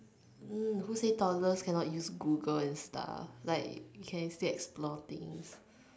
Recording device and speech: standing microphone, conversation in separate rooms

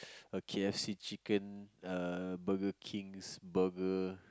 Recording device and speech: close-talking microphone, conversation in the same room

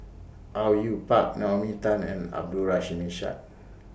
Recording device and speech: boundary microphone (BM630), read sentence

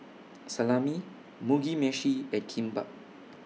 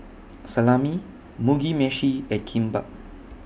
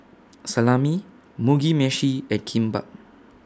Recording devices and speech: mobile phone (iPhone 6), boundary microphone (BM630), standing microphone (AKG C214), read sentence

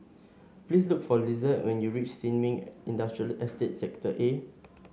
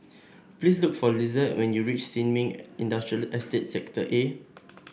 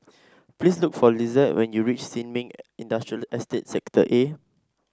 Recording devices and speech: mobile phone (Samsung S8), boundary microphone (BM630), standing microphone (AKG C214), read sentence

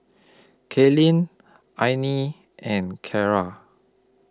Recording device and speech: close-talking microphone (WH20), read sentence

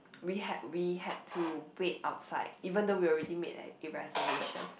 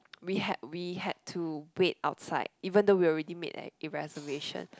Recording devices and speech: boundary microphone, close-talking microphone, conversation in the same room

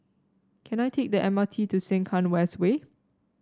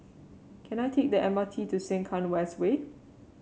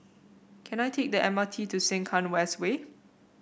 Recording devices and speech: standing microphone (AKG C214), mobile phone (Samsung C7), boundary microphone (BM630), read sentence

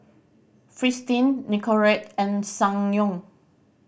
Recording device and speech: boundary microphone (BM630), read sentence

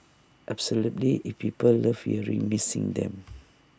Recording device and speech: standing microphone (AKG C214), read sentence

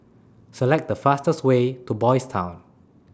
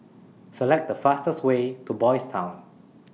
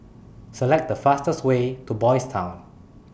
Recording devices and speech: standing microphone (AKG C214), mobile phone (iPhone 6), boundary microphone (BM630), read sentence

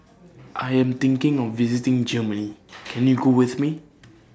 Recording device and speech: standing microphone (AKG C214), read sentence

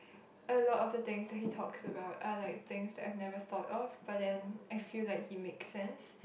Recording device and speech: boundary microphone, conversation in the same room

